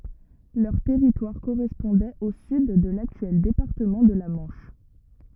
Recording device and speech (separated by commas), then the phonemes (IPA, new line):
rigid in-ear microphone, read sentence
lœʁ tɛʁitwaʁ koʁɛspɔ̃dɛt o syd də laktyɛl depaʁtəmɑ̃ də la mɑ̃ʃ